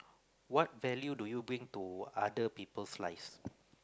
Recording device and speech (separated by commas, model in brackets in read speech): close-talking microphone, conversation in the same room